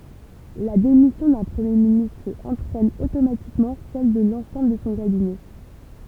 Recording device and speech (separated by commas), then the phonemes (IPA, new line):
temple vibration pickup, read sentence
la demisjɔ̃ dœ̃ pʁəmje ministʁ ɑ̃tʁɛn otomatikmɑ̃ sɛl də lɑ̃sɑ̃bl də sɔ̃ kabinɛ